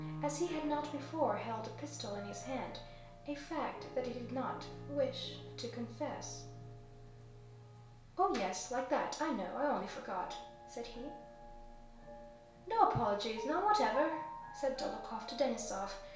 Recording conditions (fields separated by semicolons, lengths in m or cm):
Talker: one person; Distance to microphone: 1.0 m; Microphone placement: close; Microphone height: 1.1 m; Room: small (3.7 m by 2.7 m); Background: music